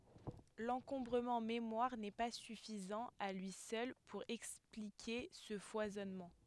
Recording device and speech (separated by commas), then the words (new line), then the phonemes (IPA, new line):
headset microphone, read sentence
L'encombrement mémoire n'est pas suffisant à lui seul pour expliquer ce foisonnement.
lɑ̃kɔ̃bʁəmɑ̃ memwaʁ nɛ pa syfizɑ̃ a lyi sœl puʁ ɛksplike sə fwazɔnmɑ̃